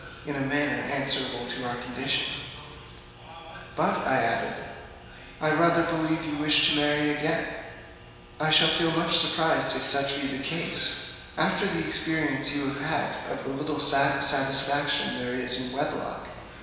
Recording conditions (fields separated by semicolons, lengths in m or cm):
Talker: one person; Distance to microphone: 1.7 m; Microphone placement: close; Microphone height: 1.0 m; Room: very reverberant, large; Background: television